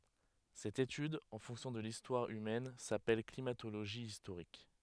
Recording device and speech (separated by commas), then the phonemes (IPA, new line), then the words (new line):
headset microphone, read sentence
sɛt etyd ɑ̃ fɔ̃ksjɔ̃ də listwaʁ ymɛn sapɛl klimatoloʒi istoʁik
Cette étude en fonction de l'histoire humaine s'appelle climatologie historique.